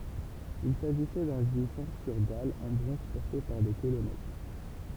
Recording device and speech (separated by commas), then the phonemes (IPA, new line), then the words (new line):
temple vibration pickup, read sentence
il saʒisɛ dœ̃ ʒizɑ̃ syʁ dal ɑ̃ bʁɔ̃z pɔʁte paʁ de kolɔnɛt
Il s’agissait d'un gisant sur dalle en bronze porté par des colonnettes.